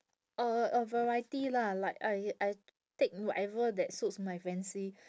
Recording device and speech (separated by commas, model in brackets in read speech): standing microphone, conversation in separate rooms